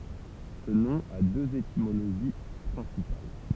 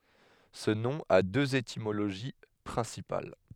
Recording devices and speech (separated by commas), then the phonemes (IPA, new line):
temple vibration pickup, headset microphone, read sentence
sə nɔ̃ a døz etimoloʒi pʁɛ̃sipal